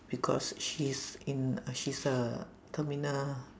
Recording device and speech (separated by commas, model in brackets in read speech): standing microphone, conversation in separate rooms